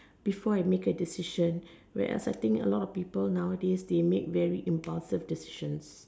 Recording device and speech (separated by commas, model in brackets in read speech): standing microphone, conversation in separate rooms